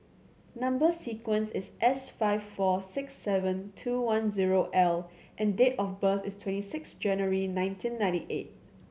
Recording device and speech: mobile phone (Samsung C7100), read sentence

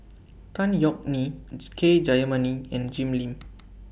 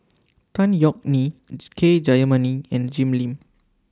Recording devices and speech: boundary microphone (BM630), standing microphone (AKG C214), read sentence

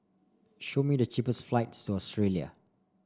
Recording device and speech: standing microphone (AKG C214), read sentence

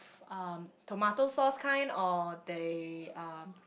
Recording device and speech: boundary microphone, conversation in the same room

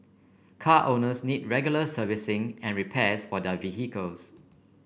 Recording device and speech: boundary microphone (BM630), read sentence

